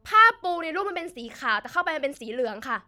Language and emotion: Thai, angry